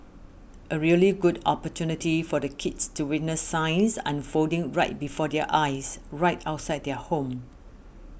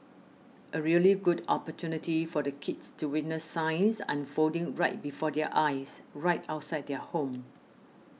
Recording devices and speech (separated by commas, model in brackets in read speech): boundary microphone (BM630), mobile phone (iPhone 6), read sentence